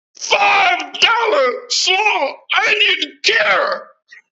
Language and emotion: English, disgusted